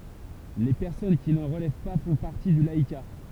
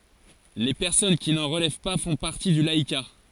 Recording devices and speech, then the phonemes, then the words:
temple vibration pickup, forehead accelerometer, read sentence
le pɛʁsɔn ki nɑ̃ ʁəlɛv pa fɔ̃ paʁti dy laika
Les personnes qui n'en relèvent pas font partie du laïcat.

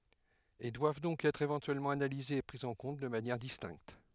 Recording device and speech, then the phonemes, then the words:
headset microphone, read sentence
e dwav dɔ̃k ɛtʁ evɑ̃tyɛlmɑ̃ analizez e pʁi ɑ̃ kɔ̃t də manjɛʁ distɛ̃kt
Et doivent donc être éventuellement analysés et pris en compte de manière distincte.

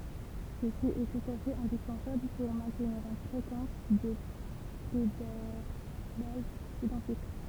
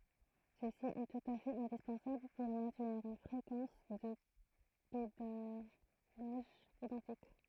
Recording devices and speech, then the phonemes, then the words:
temple vibration pickup, throat microphone, read sentence
səsi ɛ tut a fɛt ɛ̃dispɑ̃sabl puʁ mɛ̃tniʁ yn fʁekɑ̃s də pedalaʒ idɑ̃tik
Ceci est tout à fait indispensable pour maintenir une fréquence de pédalage identique.

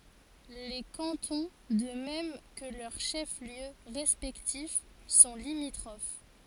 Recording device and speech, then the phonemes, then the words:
forehead accelerometer, read sentence
le kɑ̃tɔ̃ də mɛm kə lœʁ ʃɛfsljø ʁɛspɛktif sɔ̃ limitʁof
Les cantons, de même que leurs chefs-lieux respectifs, sont limitrophes.

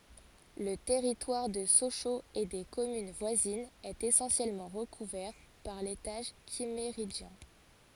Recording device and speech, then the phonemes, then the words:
forehead accelerometer, read sentence
lə tɛʁitwaʁ də soʃoz e de kɔmyn vwazinz ɛt esɑ̃sjɛlmɑ̃ ʁəkuvɛʁ paʁ letaʒ kimmeʁidʒjɛ̃
Le territoire de Sochaux et des communes voisines est essentiellement recouvert par l'étage Kimméridgien.

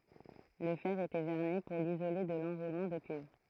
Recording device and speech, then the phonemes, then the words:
throat microphone, read sentence
lə fɛʁ etɛ vɛʁni puʁ lizole də lɑ̃ʁulmɑ̃ də kyivʁ
Le fer était vernis pour l'isoler de l'enroulement de cuivre.

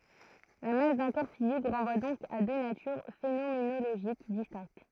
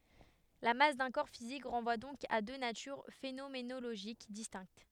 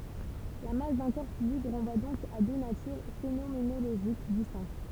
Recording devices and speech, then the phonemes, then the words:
throat microphone, headset microphone, temple vibration pickup, read sentence
la mas dœ̃ kɔʁ fizik ʁɑ̃vwa dɔ̃k a dø natyʁ fenomenoloʒik distɛ̃kt
La masse d'un corps physique renvoie donc à deux natures phénoménologiques distinctes.

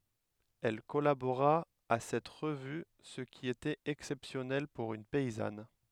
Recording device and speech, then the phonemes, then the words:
headset microphone, read sentence
ɛl kɔlaboʁa a sɛt ʁəvy sə ki etɛt ɛksɛpsjɔnɛl puʁ yn pɛizan
Elle collabora à cette revue, ce qui était exceptionnel pour une paysanne.

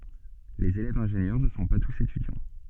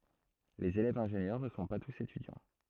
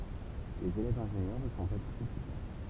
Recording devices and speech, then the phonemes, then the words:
soft in-ear microphone, throat microphone, temple vibration pickup, read sentence
lez elɛvz ɛ̃ʒenjœʁ nə sɔ̃ pa tus etydjɑ̃
Les élèves-ingénieurs ne sont pas tous étudiants.

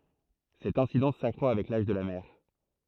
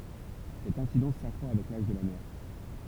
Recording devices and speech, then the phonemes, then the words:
throat microphone, temple vibration pickup, read sentence
sɛt ɛ̃sidɑ̃s sakʁwa avɛk laʒ də la mɛʁ
Cette incidence s’accroît avec l'âge de la mère.

